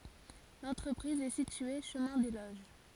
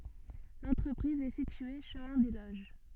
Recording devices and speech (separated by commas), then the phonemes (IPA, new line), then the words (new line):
forehead accelerometer, soft in-ear microphone, read sentence
lɑ̃tʁəpʁiz ɛ sitye ʃəmɛ̃ de loʒ
L'entreprise est située chemin des Loges.